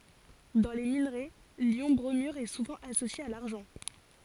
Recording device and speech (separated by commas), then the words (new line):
forehead accelerometer, read sentence
Dans les minerais, l'ion bromure est souvent associé à l'argent.